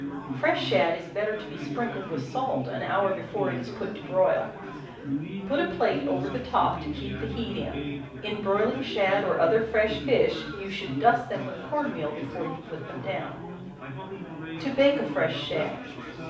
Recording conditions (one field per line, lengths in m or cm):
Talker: one person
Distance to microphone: 5.8 m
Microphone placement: far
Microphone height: 1.8 m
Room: medium-sized (5.7 m by 4.0 m)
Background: babble